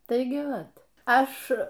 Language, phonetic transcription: Lithuanian, ˈtaigi ˈvat ˈaš

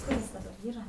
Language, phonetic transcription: Lithuanian, ˈkur is daˈbar ˈyra

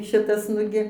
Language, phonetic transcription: Lithuanian, ˈšitas ˈnugi

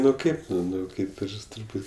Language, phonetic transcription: Lithuanian, ˈnu ˈkaip nu ˈnu ˈkaip ˈir turˈbūt'

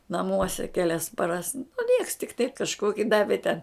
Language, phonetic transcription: Lithuanian, naˈmuose kˈelias paˈras nu nieks tik taip kažˈkoki ˈdavė ten

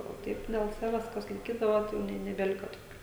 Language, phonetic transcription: Lithuanian, o ˈtaip del ˈsaves kas laiˈkydava jau ˈne nebeˈlika toˈkių

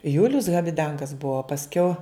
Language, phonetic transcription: Lithuanian, ˈjulius habiˈdangas ˈbuvo pasˈkiau

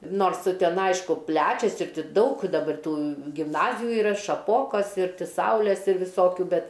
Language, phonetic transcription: Lithuanian, ˈnors ˈten ˈaišku ˈplečias ir ˈti ˈdaug daˈbar ˈtų gimˈnaziju iˈra šaˈpokos ir ˈti ˈsaules ir viˈsokiu ˈbet

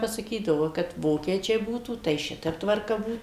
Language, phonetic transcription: Lithuanian, pasaˈkydavo kad ˈvokiečiai ˈbūtų tai ˈšitep tvarˈka ˈbūt

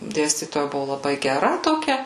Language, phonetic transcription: Lithuanian, ˈdėstytoja ˈbuvu laˈbai geˈra toˈkia

